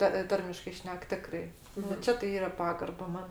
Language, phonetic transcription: Lithuanian, ta ˈtarmiškai ˈšnek ˈtikrai nu ˈčia tai ˈyra ˈpagarba ˈman

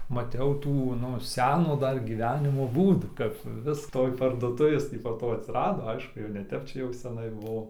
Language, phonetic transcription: Lithuanian, maˈtiau ˈtų ˈnu ˈseno ˈdar gyˈvenimo ˈbūdų kap ˈvis ˈtoj parduoˈtuvės ˈtį po ˈto atsiˈrado ˈaišku jau ne ˈtep ˈčia jau seˈnai ˈbuvo

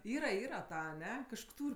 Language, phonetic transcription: Lithuanian, ˈyra ˈyra ˈta aˈne kažˈko ˈtūr'

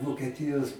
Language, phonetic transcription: Lithuanian, vokieˈtijos

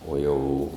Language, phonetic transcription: Lithuanian, o ˈjau

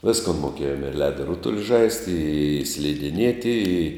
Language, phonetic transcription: Lithuanian, ˈviskon moˈkėjom ir ˈledo ˈrutuli ˈžaisti i slidiˈnieti i

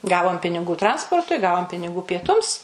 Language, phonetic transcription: Lithuanian, ˈgavom piniˈgų ˈtransportui ˈgavom piniˈgų pieˈtums

